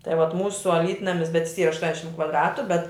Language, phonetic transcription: Lithuanian, tai vat ˈmūsu aˈlytnamis bet jis ˈyra ašˈtuoniašim kvadˈratu bet

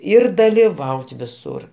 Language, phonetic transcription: Lithuanian, ˈir daliˈvaut viˈsur

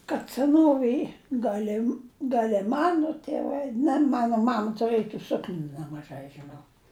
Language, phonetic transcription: Lithuanian, kad seˈnovėj ˈgal' i gal' i ˈmano tėˈvai ne ˈmano ˈmam tuˈrɘj i ˈsuknių nemaˈžai žiˈnau

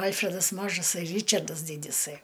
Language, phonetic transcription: Lithuanian, ˈalfredas ˈmažasai ˈryčardas ˈdydisai

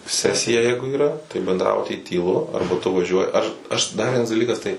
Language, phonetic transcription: Lithuanian, ˈsesija ˈjeigu yˈra tai bendˈrabuty tyˈlu ˈarba tu vaˈžiuoji aš aš dar ˈvienas daˈlykas tai

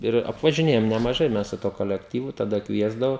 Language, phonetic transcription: Lithuanian, ˈir apvažiˈnėjom nemaˈžai ˈmes su tuo kolekˈtyvu taˈda ˈkviesdavo

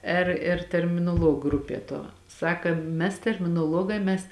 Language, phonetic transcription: Lithuanian, ˈir ir terminoˈluog ˈgrupie tuo ˈsaka ˈmes terminoˈluogā mes

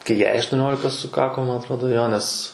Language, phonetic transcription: Lithuanian, kai ˈjai aštuˈniolika suˈkako ˈman atˈrodo ˈjo nes

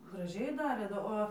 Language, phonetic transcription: Lithuanian, graˈžiai ˈdarė do ˈo

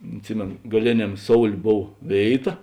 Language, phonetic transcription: Lithuanian, atˈsimėno gaˈlėniam ˈsoulė ˈbov ˈvėiˌta

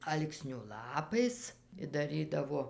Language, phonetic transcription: Lithuanian, ˈalksniu ˈlapais i daˈrydavo

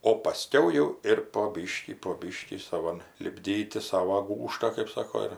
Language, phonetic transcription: Lithuanian, o paˈskiau jau ir po ˈbyškį po ˈbyškį saˈvan lipˈdyti ˈsavo ˈgūžtą kaip ˈsako ir

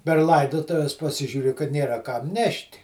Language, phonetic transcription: Lithuanian, per ˈlaidotuves paˈsižiuri kad ˈnėra kam ˈnešt'

